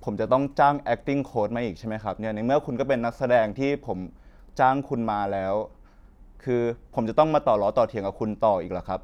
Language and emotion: Thai, frustrated